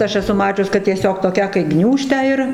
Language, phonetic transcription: Lithuanian, ˈaš eˈsu ˈmačius kad tieˈsiog toˈkią kai ˈgniūžtę ir

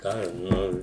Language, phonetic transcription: Lithuanian, ˈką ˈnu

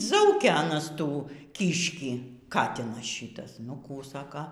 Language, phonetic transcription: Lithuanian, ˈzaukia aˈnas ˈtų ˈkyškį ˈkatinas ˈšytas nu ˈkų ˈsaka

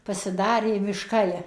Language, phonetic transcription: Lithuanian, pasiˈdarė mišˈkai

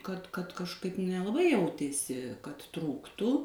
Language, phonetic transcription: Lithuanian, kad kad kažˈkaip nelaˈbai ˈjautėsi kad ˈtrūktų

